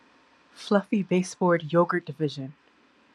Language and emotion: English, fearful